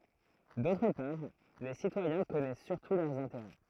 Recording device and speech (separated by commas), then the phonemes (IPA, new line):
throat microphone, read sentence
dotʁ paʁ le sitwajɛ̃ kɔnɛs syʁtu lœʁz ɛ̃teʁɛ